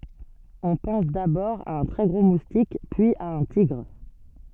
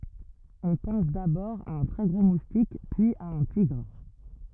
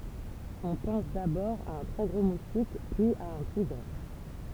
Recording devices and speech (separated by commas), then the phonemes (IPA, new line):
soft in-ear microphone, rigid in-ear microphone, temple vibration pickup, read sentence
ɔ̃ pɑ̃s dabɔʁ a œ̃ tʁɛ ɡʁo mustik pyiz a œ̃ tiɡʁ